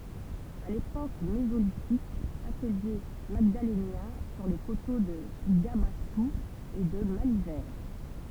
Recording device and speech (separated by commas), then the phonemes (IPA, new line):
temple vibration pickup, read sentence
a lepok mezolitik atəlje maɡdalenjɛ̃ syʁ le koto də ɡabastu e də malivɛʁ